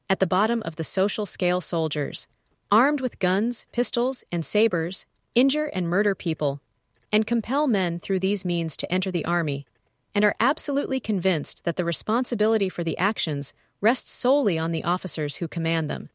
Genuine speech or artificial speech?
artificial